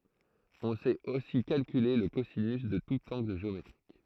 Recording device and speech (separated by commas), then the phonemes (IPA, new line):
throat microphone, read sentence
ɔ̃ sɛt osi kalkyle lə kozinys də tut ɑ̃ɡl ʒeometʁik